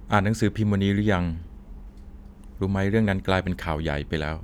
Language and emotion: Thai, neutral